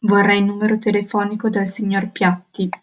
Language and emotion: Italian, neutral